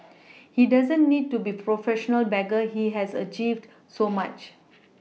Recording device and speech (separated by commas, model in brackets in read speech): mobile phone (iPhone 6), read sentence